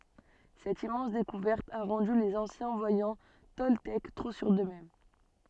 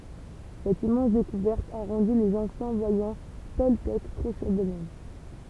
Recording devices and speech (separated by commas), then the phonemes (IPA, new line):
soft in-ear microphone, temple vibration pickup, read sentence
sɛt immɑ̃s dekuvɛʁt a ʁɑ̃dy lez ɑ̃sjɛ̃ vwajɑ̃ tɔltɛk tʁo syʁ døksmɛm